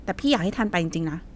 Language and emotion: Thai, neutral